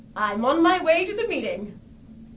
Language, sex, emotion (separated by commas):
English, female, happy